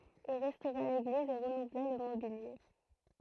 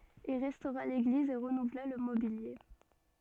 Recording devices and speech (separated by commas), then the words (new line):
throat microphone, soft in-ear microphone, read sentence
Il restaura l'église et renouvela le mobilier.